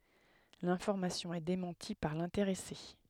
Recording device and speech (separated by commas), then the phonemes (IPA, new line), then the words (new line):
headset microphone, read sentence
lɛ̃fɔʁmasjɔ̃ ɛ demɑ̃ti paʁ lɛ̃teʁɛse
L'information est démentie par l'intéressé.